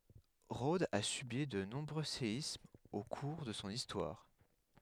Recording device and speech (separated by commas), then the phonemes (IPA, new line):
headset microphone, read sentence
ʁodz a sybi də nɔ̃bʁø seismz o kuʁ də sɔ̃ istwaʁ